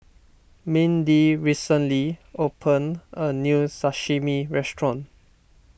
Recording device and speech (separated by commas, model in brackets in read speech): boundary microphone (BM630), read sentence